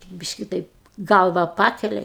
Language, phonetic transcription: Lithuanian, ˈbiški ˈtaip ˈgalva ˈpakelia i

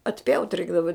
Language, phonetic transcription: Lithuanian, atˈpjaut' ˈreikdava

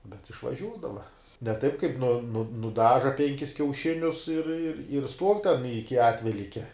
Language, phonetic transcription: Lithuanian, bet išvaˈžiūdava ne ˈtaip kaip nu nu nuˈdaža ˈpenkis kiauˈšinius ir ir ir stuov' ten ˈiki ˈatvelykia

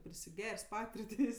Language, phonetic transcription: Lithuanian, prisiˈger's' ˈpatirtės'

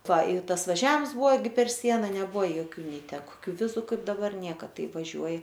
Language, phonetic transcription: Lithuanian, ˈva i ˈtas vaˈžiams ˈbuvo ˈgi per ˈsiena neˈbuvo joˈkių ˈnei ˈtę koˈkių ˈvizu ˈkaip daˈbar ˈnieka ˈtai vaˈžiuoji

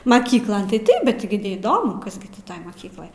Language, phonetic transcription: Lithuanian, maˈkyklon tai ˈtaip bet gi neįˈdomu ˈkas gi ti ˈtoj maˈkykloj

